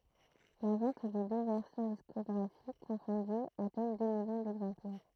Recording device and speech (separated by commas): throat microphone, read sentence